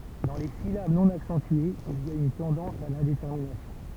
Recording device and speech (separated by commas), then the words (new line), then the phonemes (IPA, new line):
temple vibration pickup, read sentence
Dans les syllabes non accentuées, il y a une tendance à l'indétermination.
dɑ̃ le silab nɔ̃ aksɑ̃tyez il i a yn tɑ̃dɑ̃s a lɛ̃detɛʁminasjɔ̃